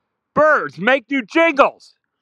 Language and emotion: English, sad